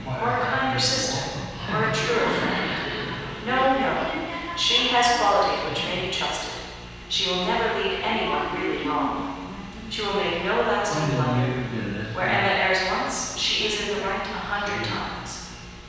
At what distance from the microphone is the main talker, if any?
7.1 m.